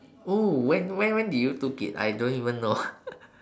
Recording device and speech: standing microphone, conversation in separate rooms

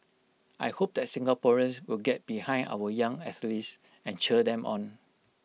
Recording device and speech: mobile phone (iPhone 6), read sentence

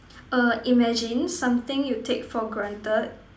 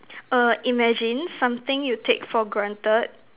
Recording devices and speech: standing microphone, telephone, conversation in separate rooms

